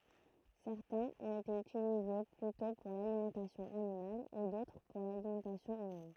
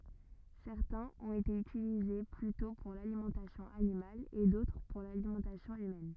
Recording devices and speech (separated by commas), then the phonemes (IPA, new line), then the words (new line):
throat microphone, rigid in-ear microphone, read sentence
sɛʁtɛ̃z ɔ̃t ete ytilize plytɔ̃ puʁ lalimɑ̃tasjɔ̃ animal e dotʁ puʁ lalimɑ̃tasjɔ̃ ymɛn
Certains ont été utilisés plutôt pour l'alimentation animale, et d'autres pour l'alimentation humaine.